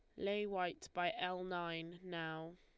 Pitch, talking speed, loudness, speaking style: 175 Hz, 150 wpm, -42 LUFS, Lombard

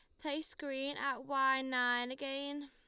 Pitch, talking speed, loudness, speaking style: 275 Hz, 145 wpm, -36 LUFS, Lombard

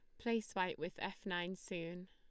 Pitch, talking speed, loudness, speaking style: 185 Hz, 190 wpm, -42 LUFS, Lombard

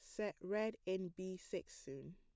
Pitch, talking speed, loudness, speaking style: 185 Hz, 185 wpm, -45 LUFS, plain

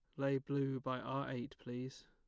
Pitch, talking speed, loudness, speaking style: 135 Hz, 190 wpm, -41 LUFS, plain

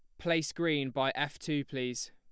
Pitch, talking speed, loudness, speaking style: 145 Hz, 190 wpm, -33 LUFS, plain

